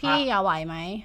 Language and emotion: Thai, neutral